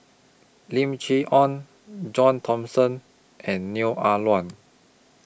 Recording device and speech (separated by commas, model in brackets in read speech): boundary microphone (BM630), read sentence